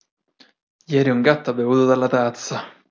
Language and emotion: Italian, disgusted